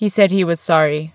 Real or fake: real